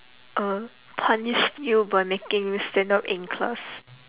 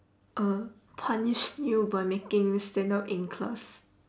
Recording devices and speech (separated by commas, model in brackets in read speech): telephone, standing microphone, conversation in separate rooms